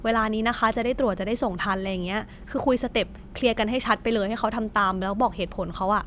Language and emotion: Thai, neutral